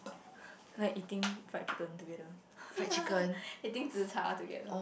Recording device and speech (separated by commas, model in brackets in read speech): boundary microphone, conversation in the same room